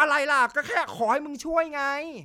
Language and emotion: Thai, angry